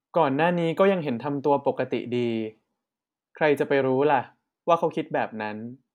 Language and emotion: Thai, neutral